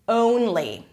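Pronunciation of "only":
In 'only', the first vowel is long and changing, moving from an O to a U sound.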